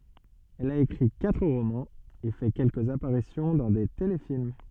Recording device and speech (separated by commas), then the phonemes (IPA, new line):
soft in-ear microphone, read sentence
ɛl a ekʁi katʁ ʁomɑ̃z e fɛ kɛlkəz apaʁisjɔ̃ dɑ̃ de telefilm